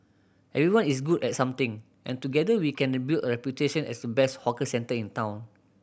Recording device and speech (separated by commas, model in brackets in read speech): boundary microphone (BM630), read sentence